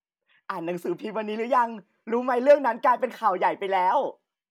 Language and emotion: Thai, happy